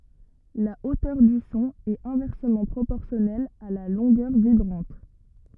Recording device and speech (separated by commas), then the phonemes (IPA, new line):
rigid in-ear microphone, read sentence
la otœʁ dy sɔ̃ ɛt ɛ̃vɛʁsəmɑ̃ pʁopɔʁsjɔnɛl a la lɔ̃ɡœʁ vibʁɑ̃t